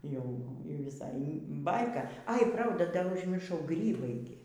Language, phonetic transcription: Lithuanian, ˈjau ˈjau viˈsai ˈbaika ai ˈprauda dar užmirˈšau ˈgrybai gi

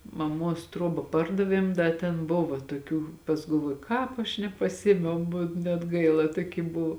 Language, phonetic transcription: Lithuanian, maˈmuos ˈtruoba ˈpardaviem ˈda ten ˈbuvo tuoˈkių pas galˈvuoju ˈkāp aš nepaˈsiėmiau bu net ˈgaila ˈtuoˌky ˈbuv

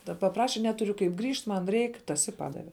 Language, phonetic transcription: Lithuanian, ˈda paˈpraše ˈneturiu kaip ˈgrįžt ˈman ˈreik ˈtas i ˈpadave

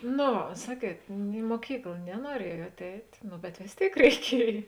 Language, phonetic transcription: Lithuanian, no ˈva ˈsaˌkiet i muoˈkykl nenuoˈriejuot ˈeit' ˈnu bet vės ˈtėik reiˈkiej

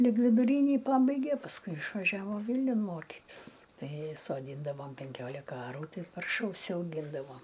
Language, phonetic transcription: Lithuanian, lig viduˈrynį ˈpabaigė pasˈkui išvaˈžiavo ˈvylniun ˈmokitis tai soˈdyndavom penˈkiolika ˈarų ˈtai ˈparša užsiauˈgyndavom

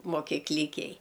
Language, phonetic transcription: Lithuanian, mokyˈklikej

